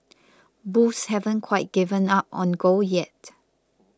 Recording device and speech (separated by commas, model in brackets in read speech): close-talking microphone (WH20), read sentence